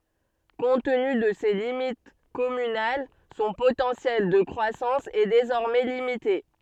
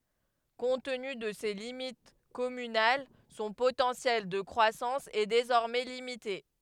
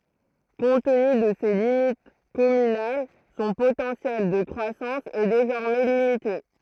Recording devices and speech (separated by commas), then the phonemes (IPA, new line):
soft in-ear microphone, headset microphone, throat microphone, read sentence
kɔ̃t təny də se limit kɔmynal sɔ̃ potɑ̃sjɛl də kʁwasɑ̃s ɛ dezɔʁmɛ limite